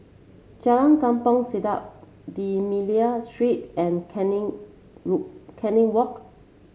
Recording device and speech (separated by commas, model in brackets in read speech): mobile phone (Samsung C7), read sentence